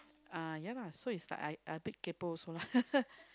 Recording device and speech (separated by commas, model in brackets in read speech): close-talking microphone, conversation in the same room